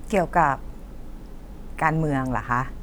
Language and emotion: Thai, neutral